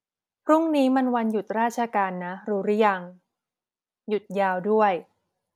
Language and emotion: Thai, neutral